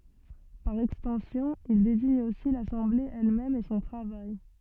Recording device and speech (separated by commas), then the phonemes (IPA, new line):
soft in-ear microphone, read sentence
paʁ ɛkstɑ̃sjɔ̃ il deziɲ osi lasɑ̃ble ɛlmɛm e sɔ̃ tʁavaj